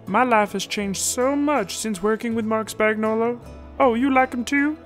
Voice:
froggy voice